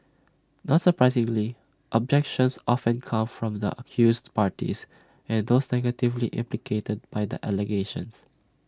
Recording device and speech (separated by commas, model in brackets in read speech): standing microphone (AKG C214), read sentence